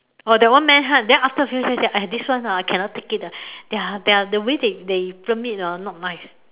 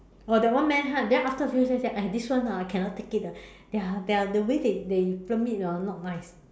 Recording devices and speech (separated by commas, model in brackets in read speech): telephone, standing microphone, conversation in separate rooms